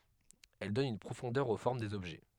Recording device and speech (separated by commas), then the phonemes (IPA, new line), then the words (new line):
headset microphone, read sentence
ɛl dɔn yn pʁofɔ̃dœʁ o fɔʁm dez ɔbʒɛ
Elle donne une profondeur aux formes des objets.